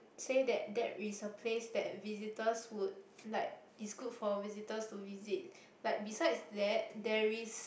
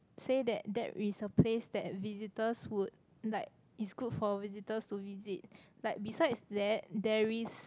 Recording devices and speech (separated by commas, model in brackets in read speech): boundary microphone, close-talking microphone, conversation in the same room